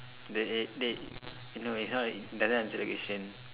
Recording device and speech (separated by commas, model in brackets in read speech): telephone, conversation in separate rooms